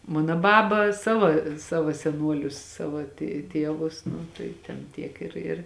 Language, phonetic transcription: Lithuanian, ˈmano ˈbaba ˈsavo ˈsavo seˈnuolius ˈsava tė ˈtievus ˈnu tai ten ˈtiek ir ir

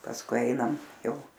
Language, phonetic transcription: Lithuanian, pasˈkui ˈainam ˈjau

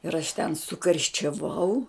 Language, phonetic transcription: Lithuanian, ir aš ten sukarščiaˈvau

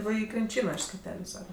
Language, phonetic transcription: Lithuanian, ˈva ˈį krinˈčyno iš skeˈteliu ˈsakat

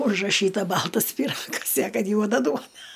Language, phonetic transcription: Lithuanian, užraˈšyta ˈbaltas pyˈragas i a ˈkad ˈjuoda ˈduona

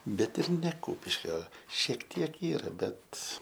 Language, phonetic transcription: Lithuanian, ˈbet ir ne ˈkūpiškio šiek ˈtiek ˈyra ˈbet

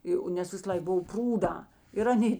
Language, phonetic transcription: Lithuanian, ˈjo nes visaˈlaik ˈbuv ˈprūdā ir aˈnė

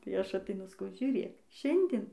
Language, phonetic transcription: Lithuanian, tai ˈaš ateiˈnu saˈkau žiūˈrėk ˈšiandin

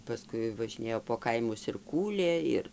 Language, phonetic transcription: Lithuanian, paˈskui važiˈnėjo po ˈkaimus ir ˈkūlė ˈir

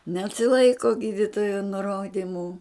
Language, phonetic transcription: Lithuanian, nesiˈlaiko ˈgyditojo nuˈrodimu

